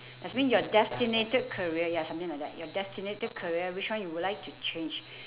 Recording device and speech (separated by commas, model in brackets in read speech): telephone, conversation in separate rooms